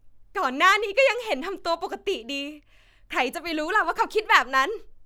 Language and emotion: Thai, happy